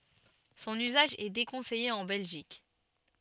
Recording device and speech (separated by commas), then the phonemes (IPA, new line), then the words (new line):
soft in-ear microphone, read sentence
sɔ̃n yzaʒ ɛ dekɔ̃sɛje ɑ̃ bɛlʒik
Son usage est déconseillé en Belgique.